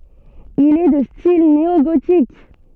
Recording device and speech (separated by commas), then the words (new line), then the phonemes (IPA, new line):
soft in-ear microphone, read sentence
Il est de style néogothique.
il ɛ də stil neoɡotik